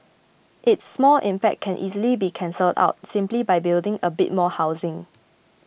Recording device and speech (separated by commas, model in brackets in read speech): boundary microphone (BM630), read sentence